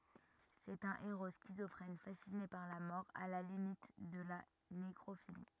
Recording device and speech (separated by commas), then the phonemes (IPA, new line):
rigid in-ear microphone, read sentence
sɛt œ̃ eʁo skizɔfʁɛn fasine paʁ la mɔʁ a la limit də la nekʁofili